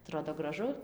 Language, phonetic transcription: Lithuanian, aˈtrodo graˈžu

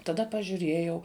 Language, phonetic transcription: Lithuanian, taˈda pažiuˈrėjau

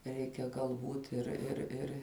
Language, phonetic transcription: Lithuanian, ˈreikia galˈbūt ir ir ˈir

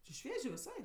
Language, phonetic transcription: Lithuanian, či ˈšviežė viˈsai

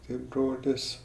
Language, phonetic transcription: Lithuanian, ˈti ˈbrolis

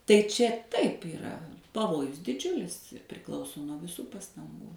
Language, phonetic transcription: Lithuanian, tai ˈčia ˈtaip yˈra paˈvojus diˈdžiulis i priˈklauso nuo viˈsų pastanˈgų

